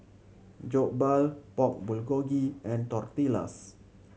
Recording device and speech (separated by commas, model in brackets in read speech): mobile phone (Samsung C7100), read sentence